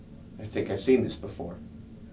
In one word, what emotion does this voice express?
neutral